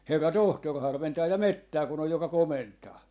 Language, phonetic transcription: Finnish, 'herra "tohtor 'harventaa ja "mettää ku'n ‿oj 'joka "komentaa .
- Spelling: herra tohtori harventaa ja metsää kun on joka komentaa

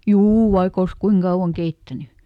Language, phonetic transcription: Finnish, "juu vaik ‿ols "kuiŋ ˈkauʷaŋ ˈkeittäny .
- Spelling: juu vaikka olisi kuinka kauan keittänyt

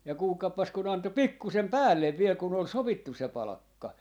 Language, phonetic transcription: Finnish, ja 'kuulkaippas kun 'anto "pikkusem "päällev 'viel kun ‿ol "sovittu se 'palᵃkka .
- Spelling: ja kuulkaapas kun antoi pikkuisen päälle vielä kun oli sovittu se palkka

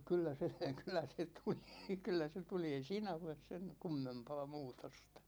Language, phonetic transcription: Finnish, 'kyllä se , 'kyl̆lä se 'tuli , 'kyllä se 'tuli ei "siinä 'oles sen , 'kummempaa 'muutostA .
- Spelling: kyllä se kyllä se tuli kyllä se tuli ei siinä ole sen kummempaa muutosta

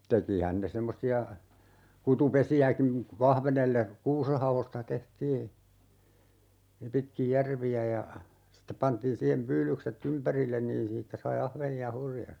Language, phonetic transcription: Finnish, 'tekihän ne 'semmosi₍a , 'kutu"pesi₍äkiŋ (ku) 'ahvenelle , "kuusehavosta 'tehtii , 'pitkij "järvi₍ä ja , sⁱte 'pantiin 'siihem 'pyylykset"t ‿ympärillen niin 'siittä sai 'ahveni₍a "hurja(sti) .
- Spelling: tekihän ne semmoisia kutupesiäkin kun ahvenelle kuusenhaoista tehtiin pitkin järviä ja sitten pantiin siihen pyydykset ympärille niin siitä sai ahvenia hurjasti

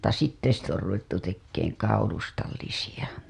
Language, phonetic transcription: Finnish, mutta 'sitte sit ‿or ruvettu tekkeeŋ 'kaulustallisiʲa .
- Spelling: mutta sitten sitten on ruvettu tekemään kaulustallisia

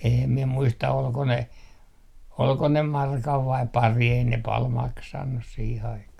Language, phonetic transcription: Finnish, eem 'miɛ 'muista olko ne , olko ne markav 'vaip "pari , ei ne 'pal "maksannus siih aikah .
- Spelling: en minä muista oliko ne oliko ne markan vai pari ei ne paljon maksanut siihen aikaan

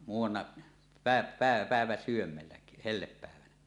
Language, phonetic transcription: Finnish, muu₍anna , 'pä̀e- 'pä̀e- 'pä̀eväsyömmellä , 'hellepp̀äevänä .
- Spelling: muutamana - - päiväsydämellä hellepäivänä

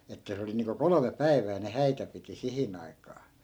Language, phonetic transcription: Finnish, 'että se oli niiŋko "kolome "päi̮v̀ää ne 'häitä piti 'sihin ‿ai̮k̀aa .
- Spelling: että se oli niin kuin kolme päivää ne häitä piti siihen aikaan

